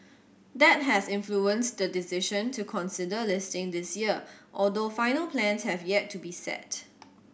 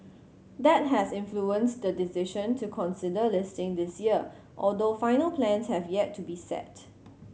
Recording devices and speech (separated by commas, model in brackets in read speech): boundary microphone (BM630), mobile phone (Samsung C7100), read sentence